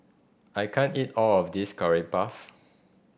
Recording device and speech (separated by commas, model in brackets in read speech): boundary microphone (BM630), read sentence